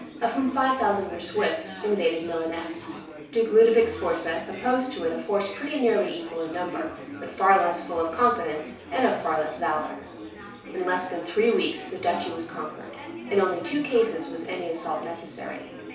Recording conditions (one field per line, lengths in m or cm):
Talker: one person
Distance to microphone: 3.0 m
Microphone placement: far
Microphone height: 1.8 m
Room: small (3.7 m by 2.7 m)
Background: babble